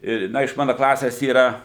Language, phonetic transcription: Lithuanian, ˈi ˈna iš ˈmana klases ˈyra

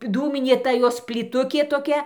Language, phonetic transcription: Lithuanian, ˈdūminė ˈta ˈjos plyˈtukė toˈkia

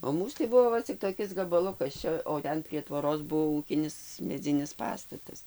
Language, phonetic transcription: Lithuanian, o ˈmūs tai ˈbuvo ˈva cik toˈkis gabaˈlukas ˈčia o ˈten prie tvoˈros ˈbuvo ˈūkinis meˈdzinis ˈpastatas

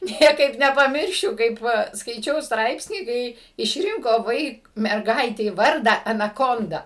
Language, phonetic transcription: Lithuanian, ˈniekaip nepaˈmiršiu kaip ˈva skaiˈčiau ˈstraipsnį ˈkai išˈrinko ˈvaik merˈgaitei ˈvardą anaˈkonda

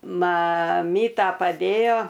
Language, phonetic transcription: Lithuanian, maˈmyta paˈdėjo

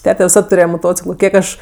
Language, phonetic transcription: Lithuanian, ˈtete viˈsad tuˈrėje moˈtociklo ˈkiek aš

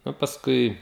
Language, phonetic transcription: Lithuanian, nu pasˈkui

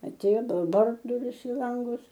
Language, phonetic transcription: Lithuanian, aˈtėjo ˈbal ˈbar duˈris i ˈlangus

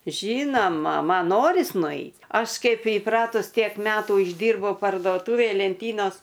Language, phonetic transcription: Lithuanian, ˈžynoma ˈman ˈnoris nuˈeit ˈaš ˈkaip įˈpratus ˈtiek ˈmetų išˈdyrbau parduoˈtuvėj lenˈtynos

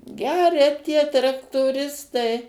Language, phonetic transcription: Lithuanian, ˈgeria tie traktoˈristai

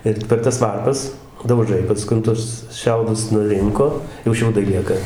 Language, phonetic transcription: Lithuanian, ˈir per ˈtas ˈvarpas dauˈžai paˈskun ˈtus ˈšiaudus nuˈrinko jau ˈšiaudai ˈlieka

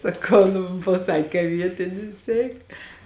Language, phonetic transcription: Lithuanian, saˈkau nu paˈsakė ka ˈvietinis ˈeik

